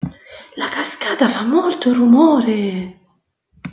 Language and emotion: Italian, surprised